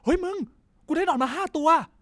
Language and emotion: Thai, happy